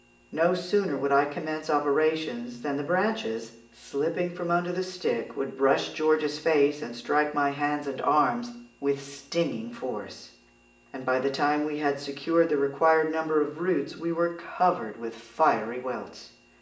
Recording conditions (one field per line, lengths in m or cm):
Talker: one person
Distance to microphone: 1.8 m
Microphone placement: close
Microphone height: 1.0 m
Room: large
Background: none